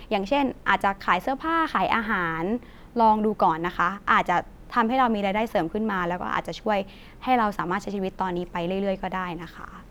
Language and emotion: Thai, neutral